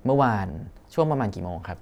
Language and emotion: Thai, neutral